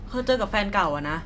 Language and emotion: Thai, frustrated